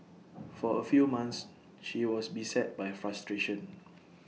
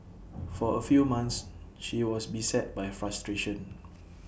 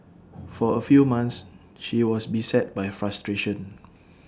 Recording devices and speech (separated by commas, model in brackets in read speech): mobile phone (iPhone 6), boundary microphone (BM630), standing microphone (AKG C214), read sentence